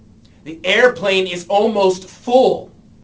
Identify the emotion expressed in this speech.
angry